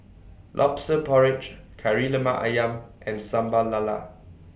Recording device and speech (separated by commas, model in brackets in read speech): boundary microphone (BM630), read sentence